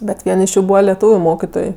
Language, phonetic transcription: Lithuanian, bet ˈvien iš ˈjų ˈbūva leˈtūviu ˈmokitoj

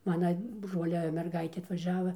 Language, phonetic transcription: Lithuanian, ˈmana ˈbrolia merˈgaitė atvaˈžiava

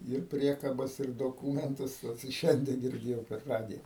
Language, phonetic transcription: Lithuanian, ir ˈpriekabas ir doˈkūmentus ot i ˈšiandie girˈdėjau per ˈradija

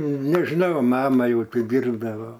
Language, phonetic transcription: Lithuanian, nežiˈnau ˈmama ˈjau ˈtį ˈdyrdavo

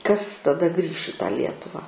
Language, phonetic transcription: Lithuanian, kas taˈda grįš i tą ˈlietuvą

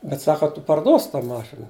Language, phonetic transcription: Lithuanian, bet ˈsaka tu parˈduosi ta ˈmašina

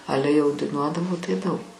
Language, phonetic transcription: Lithuanian, ˈale jau daiˈnuodavo tai ˈdaug

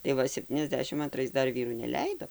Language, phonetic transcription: Lithuanian, tai ˈva sepˌtyniasˈdešim anˈtrais ˈdar ˈvyrų neˈleido

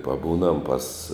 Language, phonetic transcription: Lithuanian, paˈbūnam pas

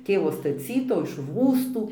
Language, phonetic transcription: Lithuanian, ˈtėvo staˈcytų iš ˈrųstų

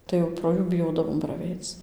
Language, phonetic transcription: Lithuanian, tai jau pro ˈjų biˈjodavom praˈveic

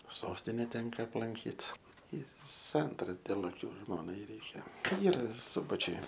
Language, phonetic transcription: Lithuanian, ˈsostine ˈtenka aplanˈkyt i ˈsantara dėl aˈkiu ˈžmonai ˈreikia ˈyra ir ˈsubačiuj

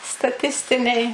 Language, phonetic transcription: Lithuanian, staˈtistiniai

